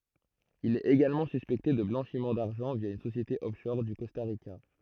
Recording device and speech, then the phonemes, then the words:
throat microphone, read sentence
il ɛt eɡalmɑ̃ syspɛkte də blɑ̃ʃim daʁʒɑ̃ vja yn sosjete ɔfʃɔʁ o kɔsta ʁika
Il est également suspecté de blanchiment d'argent via une société offshore au Costa Rica.

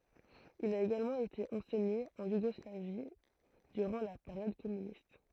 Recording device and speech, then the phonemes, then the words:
throat microphone, read sentence
il a eɡalmɑ̃ ete ɑ̃sɛɲe ɑ̃ juɡɔslavi dyʁɑ̃ la peʁjɔd kɔmynist
Il a également été enseigné en Yougoslavie durant la période communiste.

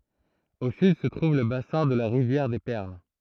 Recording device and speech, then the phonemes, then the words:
throat microphone, read sentence
o syd sə tʁuv lə basɛ̃ də la ʁivjɛʁ de pɛʁl
Au sud se trouve le bassin de la rivière des Perles.

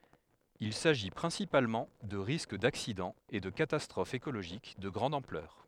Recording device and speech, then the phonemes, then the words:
headset microphone, read sentence
il saʒi pʁɛ̃sipalmɑ̃ də ʁisk daksidɑ̃z e də katastʁofz ekoloʒik də ɡʁɑ̃d ɑ̃plœʁ
Il s’agit principalement de risques d’accidents et de catastrophes écologiques de grande ampleur.

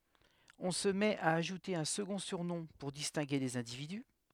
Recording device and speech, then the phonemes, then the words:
headset microphone, read sentence
ɔ̃ sə mɛt a aʒute œ̃ səɡɔ̃ syʁnɔ̃ puʁ distɛ̃ɡe lez ɛ̃dividy
On se met à ajouter un second surnom pour distinguer les individus.

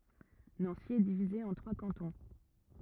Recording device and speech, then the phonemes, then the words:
rigid in-ear microphone, read sentence
nɑ̃si ɛ divize ɑ̃ tʁwa kɑ̃tɔ̃
Nancy est divisée en trois cantons.

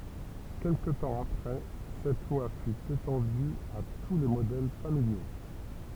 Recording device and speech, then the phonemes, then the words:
temple vibration pickup, read sentence
kɛlkə tɑ̃ apʁɛ sɛt lwa fy etɑ̃dy a tu le modɛl familjo
Quelque temps après cette loi fut étendue à tous les modèles familiaux.

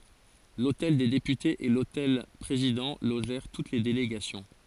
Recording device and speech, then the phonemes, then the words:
forehead accelerometer, read sentence
lotɛl de depytez e lotɛl pʁezidɑ̃ loʒɛʁ tut le deleɡasjɔ̃
L'hôtel des Députés et l'hôtel Président logèrent toutes les délégations.

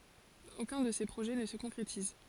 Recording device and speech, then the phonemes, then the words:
forehead accelerometer, read sentence
okœ̃ də se pʁoʒɛ nə sə kɔ̃kʁetiz
Aucun de ces projets ne se concrétise.

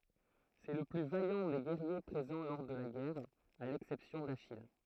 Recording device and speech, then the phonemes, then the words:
throat microphone, read sentence
sɛ lə ply vajɑ̃ de ɡɛʁje pʁezɑ̃ lɔʁ də la ɡɛʁ a lɛksɛpsjɔ̃ daʃij
C'est le plus vaillant des guerriers présents lors de la guerre, à l'exception d'Achille.

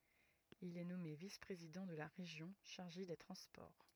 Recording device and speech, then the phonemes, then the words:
rigid in-ear microphone, read sentence
il ɛ nɔme vis pʁezidɑ̃ də la ʁeʒjɔ̃ ʃaʁʒe de tʁɑ̃spɔʁ
Il est nommé vice-président de la Région chargé des transports.

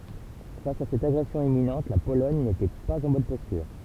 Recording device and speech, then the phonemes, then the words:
temple vibration pickup, read sentence
fas a sɛt aɡʁɛsjɔ̃ imminɑ̃t la polɔɲ netɛ paz ɑ̃ bɔn pɔstyʁ
Face à cette agression imminente, la Pologne n’était pas en bonne posture.

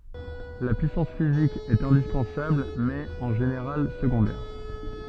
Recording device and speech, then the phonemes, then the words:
soft in-ear microphone, read sentence
la pyisɑ̃s fizik ɛt ɛ̃dispɑ̃sabl mɛz ɛt ɑ̃ ʒeneʁal səɡɔ̃dɛʁ
La puissance physique est indispensable mais est en général secondaire.

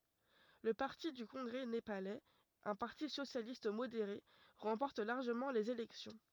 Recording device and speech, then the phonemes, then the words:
rigid in-ear microphone, read sentence
lə paʁti dy kɔ̃ɡʁɛ nepalɛz œ̃ paʁti sosjalist modeʁe ʁɑ̃pɔʁt laʁʒəmɑ̃ lez elɛksjɔ̃
Le parti du congrès népalais, un parti socialiste modéré, remporte largement les élections.

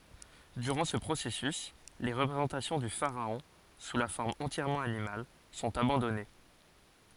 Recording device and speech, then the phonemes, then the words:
forehead accelerometer, read sentence
dyʁɑ̃ sə pʁosɛsys le ʁəpʁezɑ̃tasjɔ̃ dy faʁaɔ̃ su la fɔʁm ɑ̃tjɛʁmɑ̃ animal sɔ̃t abɑ̃dɔne
Durant ce processus, les représentations du pharaon sous la forme entièrement animale sont abandonnées.

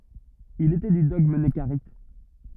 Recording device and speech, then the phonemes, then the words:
rigid in-ear microphone, read sentence
il etɛ dy dɔɡm nəkaʁit
Il était du dogme nekarites.

